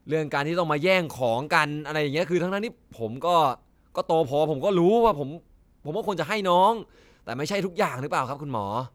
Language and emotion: Thai, frustrated